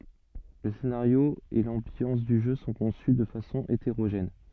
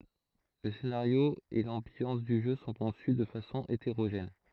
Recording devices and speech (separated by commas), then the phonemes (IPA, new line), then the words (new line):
soft in-ear microphone, throat microphone, read sentence
lə senaʁjo e lɑ̃bjɑ̃s dy ʒø sɔ̃ kɔ̃sy də fasɔ̃ eteʁoʒɛn
Le scénario et l’ambiance du jeu sont conçus de façon hétérogène.